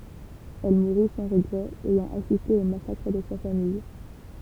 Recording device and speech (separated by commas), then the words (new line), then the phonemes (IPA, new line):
temple vibration pickup, read sentence
Elle mourut sans regrets, ayant assisté au massacre de sa famille.
ɛl muʁy sɑ̃ ʁəɡʁɛz ɛjɑ̃ asiste o masakʁ də sa famij